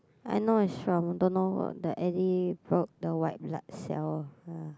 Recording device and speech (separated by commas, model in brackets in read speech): close-talking microphone, conversation in the same room